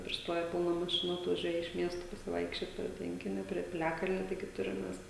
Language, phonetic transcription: Lithuanian, prisˈtoje ˈbūna maˈšinų atvaˈžiuoja iš ˈmiesto pasiˈvaikščiot prie ˈtvenkinio prie piˈliakalnio ˈtaigi ˈturim ˈmes

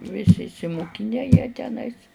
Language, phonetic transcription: Lithuanian, ˈvisi išsimuˈkine jie teˈnais

